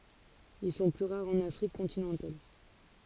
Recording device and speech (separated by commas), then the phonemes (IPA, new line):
forehead accelerometer, read sentence
il sɔ̃ ply ʁaʁz ɑ̃n afʁik kɔ̃tinɑ̃tal